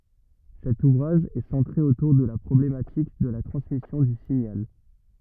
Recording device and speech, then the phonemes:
rigid in-ear microphone, read sentence
sɛt uvʁaʒ ɛ sɑ̃tʁe otuʁ də la pʁɔblematik də la tʁɑ̃smisjɔ̃ dy siɲal

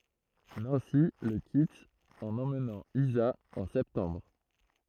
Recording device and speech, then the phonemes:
throat microphone, read sentence
nɑ̃si lə kit ɑ̃n ɑ̃mnɑ̃ iza ɑ̃ sɛptɑ̃bʁ

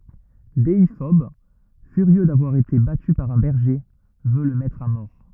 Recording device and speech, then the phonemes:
rigid in-ear microphone, read sentence
deifɔb fyʁjø davwaʁ ete baty paʁ œ̃ bɛʁʒe vø lə mɛtʁ a mɔʁ

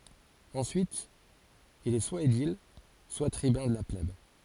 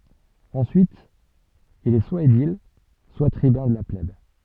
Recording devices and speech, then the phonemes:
forehead accelerometer, soft in-ear microphone, read sentence
ɑ̃syit il ɛ swa edil swa tʁibœ̃ də la plɛb

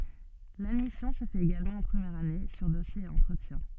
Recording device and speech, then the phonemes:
soft in-ear microphone, read sentence
ladmisjɔ̃ sə fɛt eɡalmɑ̃ ɑ̃ pʁəmjɛʁ ane syʁ dɔsje e ɑ̃tʁətjɛ̃

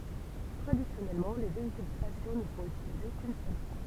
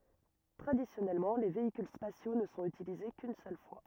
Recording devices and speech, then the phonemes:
temple vibration pickup, rigid in-ear microphone, read sentence
tʁadisjɔnɛlmɑ̃ le veikyl spasjo nə sɔ̃t ytilize kyn sœl fwa

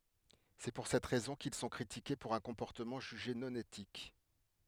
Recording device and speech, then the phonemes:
headset microphone, read sentence
sɛ puʁ sɛt ʁɛzɔ̃ kil sɔ̃ kʁitike puʁ œ̃ kɔ̃pɔʁtəmɑ̃ ʒyʒe nɔ̃ etik

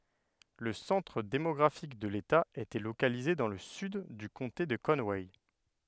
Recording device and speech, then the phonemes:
headset microphone, read sentence
lə sɑ̃tʁ demɔɡʁafik də leta etɛ lokalize dɑ̃ lə syd dy kɔ̃te də kɔnwɛ

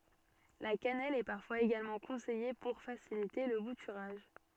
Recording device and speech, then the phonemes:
soft in-ear microphone, read sentence
la kanɛl ɛ paʁfwaz eɡalmɑ̃ kɔ̃sɛje puʁ fasilite lə butyʁaʒ

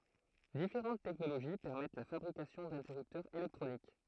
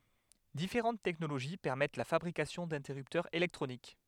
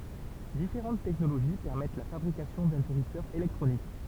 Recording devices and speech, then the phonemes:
throat microphone, headset microphone, temple vibration pickup, read sentence
difeʁɑ̃t tɛknoloʒi pɛʁmɛt la fabʁikasjɔ̃ dɛ̃tɛʁyptœʁz elɛktʁonik

